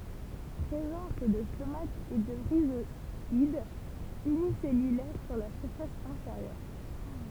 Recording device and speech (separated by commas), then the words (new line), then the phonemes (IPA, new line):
temple vibration pickup, read sentence
Présence de stomates et de rhizoides unicellulaires sur la face inférieure.
pʁezɑ̃s də stomatz e də ʁizwadz ynisɛlylɛʁ syʁ la fas ɛ̃feʁjœʁ